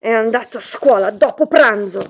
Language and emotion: Italian, angry